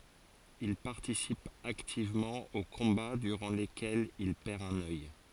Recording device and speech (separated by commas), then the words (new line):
forehead accelerometer, read sentence
Il participe activement aux combats durant lesquels il perd un œil.